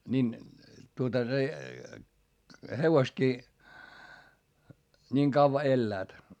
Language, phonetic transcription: Finnish, nin , tuota se , hevostkii , niiŋ kavva elläät .
- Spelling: niin tuota se hevosetkin niin kauan elävät

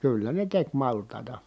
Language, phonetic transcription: Finnish, kyllä ne tek malt̀ài̮ta .
- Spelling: kyllä ne teki maltaita

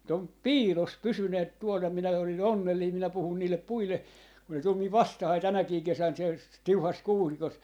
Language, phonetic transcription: Finnish, mu't ‿om , "piilos "pysyneet 'tuol ja 'minä oli"n ‿onnellii minä 'puhùn niillep 'puille , kun ne tul miv "vastahai 'tänäkii 'kesän siel , "tiuhas 'kuusikos .
- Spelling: mutta on piilossa pysyneet tuolla ja minä olin onnellinen minä puhun niille puille kun ne tuli minun vastaani tänäkin kesänä siellä tiuhassa kuusikossa

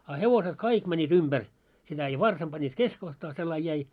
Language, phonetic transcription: Finnish, a 'hevoset "kaik mäńńiit 'umʙär , sitä ja 'varsam 'ʙanniit "keskohtaa sellain jäi .
- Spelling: a hevoset kaikki menivät ympäri sitä ja varsan panivat keskikohtaan sellainen jäi

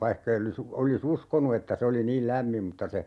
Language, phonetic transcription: Finnish, 'vaihkei olis , oli"s ‿uskonu että 'se oli "niil 'lämmim mutta se , .
- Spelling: vaikka ei olisi olisi uskonut että se oli niin lämmin mutta se

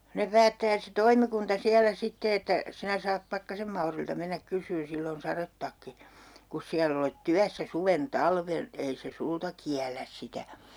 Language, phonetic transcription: Finnish, 'ne päättää se "toimikunta 'siälä 'sitte että , » 'sinä saap 'Pakkasem Maurilta mennäk 'kys̀yyn 'sill ‿on "sarettakki , 'kus siäll ‿olet 'tyässä "suven "talven , 'ei se "sulta kiäläs 'sitä » .
- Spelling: ne päättää se toimikunta siellä sitten että sinä saat Pakkasen Maurilta mennä kysymään sillä on sadetakki kun siellä olet työssä suven talven ei se sinulta kiellä sitä

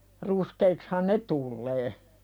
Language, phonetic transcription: Finnish, 'ruskeikshan "ne tullee .
- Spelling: ruskeiksihan ne tulee

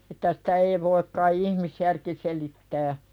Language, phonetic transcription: Finnish, että "sᴵtä ei voik kai 'ihmisjärki selittää .
- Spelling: että sitä ei voi kai ihmisjärki selittää

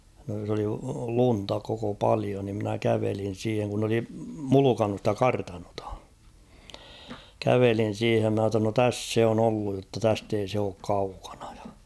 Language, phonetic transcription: Finnish, (s ‿oli) 'lunta koko 'palio ni ‿mnä 'kävelin̬ 'siiheŋ kun n ‿oli "mulukannu ‿stä "kartanotᴀ ; kävelin̬ 'siihem ma ‿tta no "täss 'se on ‿olluj jotta 'täst ‿ei se ook 'kaukᴀɴᴀ ᴊᴀ .
- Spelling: se oli lunta koko paljon niin minä kävelin siihen kun ne oli mulkannut sitä kartanoa kävelin siihen minä jotta no tässä se on ollut jotta tästä ei se ole kaukana ja

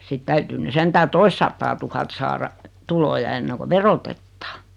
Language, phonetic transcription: Finnish, sit 'täytyy ny 'sentää "toistsattaaa'tuhat saara , 'tuloja enneŋko "verotettᴀᴀ .
- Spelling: sitten täytyy nyt sentään toistasataatuhatta saada tuloja ennen kuin verotetaan

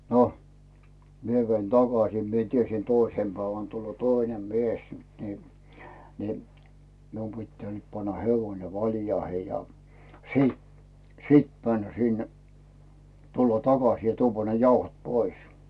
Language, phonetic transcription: Finnish, no , 'mie vein "takasì , mie tiesi "toisem 'päivän tulloo "toinem 'mies ni , ni , mium pittää nyt panna 'hevoⁱne "valjaihe ja , "sìt , "sit 'männä sinnᴀ̈ , tulla 'takas ja 'tuuvva ne "jauhot 'pois .
- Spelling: no minä vein takaisin minä tiesin toisena päivänä tulee toinen mies niin niin minun pitää nyt panna hevonen valjaihin ja sitten sitten mennä sinne tulla takaisin ja tuoda ne jauhot pois

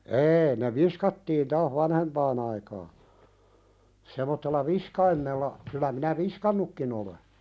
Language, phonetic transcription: Finnish, 'eei ne "viskattiin 'taah 'vanhempaan ‿aikaa , semottella "viskaimmella , kylä minä "viskannukkin ‿ole .
- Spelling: ei ne viskattiin taas vanhempaan aikaan semmoisella viskaimella kyllä minä viskannutkin olen

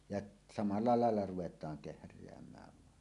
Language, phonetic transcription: Finnish, jaˀ , samalla làella ruʷet̀aaŋ 'kehr̀eäm̀ääv vàen .
- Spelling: ja samalla lailla ruvetaan kehräämään vain

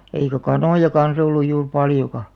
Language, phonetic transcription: Finnish, eikä "kanòja 'kans ‿olluj juur 'paljoka .
- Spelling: eikä kanoja kanssa ollut juuri paljonkaan

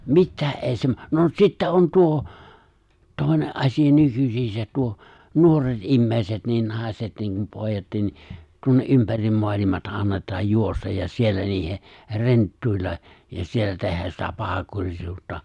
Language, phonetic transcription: Finnish, mittää’ ’èi sem , no 'sittä on 'tuo , 'tòi̬ne’ '’asija 'nykysiisät tuo , 'nuoret '’immèi̬set niin 'nàiset niiŋkum 'pòijattin ni , 'tuonne , '’ympärim 'moalimata 'annet̀aaj 'juostaj' ja 'siellä niihe , 're̬nttuilla , ja 'siellä tehäs sitä 'pahakurisuuttᴀ .
- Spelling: mitään ei sen no sitten on tuo toinen asia nykyisin tuo nuoret ihmiset niin naiset niin kuin pojatkin niin tuonne ympäri maailmaa annetaan juosta ja siellä niiden renttuilla ja siellä tehdä sitä pahankurisuutta

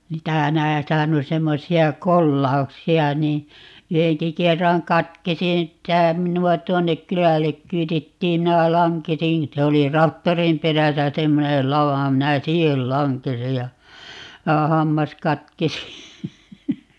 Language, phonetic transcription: Finnish, 'niitä , 'näitähä on 'semmosi₍a "kollauksi₍a nii , 'yheŋki 'kerraŋ 'katkesi ('ni ‿ttä) , 'minu₍a 'tuonnek "kylällek 'kyytittiim - 'minä 'laŋkesin , 'se oli "raktorim 'peräsä 'semmonel "lava - 'minä "siihel 'laŋkesij ja , 'ja 'hammas 'katkesi .
- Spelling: niitä näitähän on semmoisia kolauksia niin yhdenkin kerran katkesi niin että minua tuonne kylälle kyydittiin minä lankesin se oli traktorin perässä semmoinen lava minä siihen lankesin ja ja hammas katkesi

